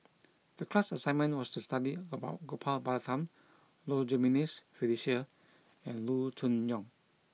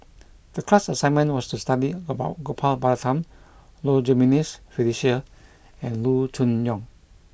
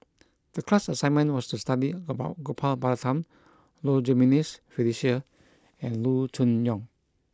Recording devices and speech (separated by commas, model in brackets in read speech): mobile phone (iPhone 6), boundary microphone (BM630), close-talking microphone (WH20), read sentence